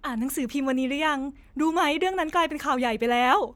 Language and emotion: Thai, happy